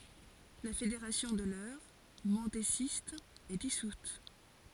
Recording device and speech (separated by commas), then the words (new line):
forehead accelerometer, read sentence
La fédération de l'Eure, mendésiste, est dissoute.